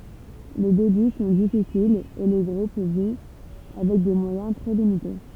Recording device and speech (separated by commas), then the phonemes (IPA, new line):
temple vibration pickup, read sentence
le deby sɔ̃ difisilz e lə ɡʁup vi avɛk de mwajɛ̃ tʁɛ limite